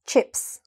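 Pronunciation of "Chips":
'Chips' is one syllable, and the i sound in it is really short; the word is said fast and short.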